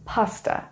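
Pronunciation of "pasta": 'Pasta' is pronounced correctly here.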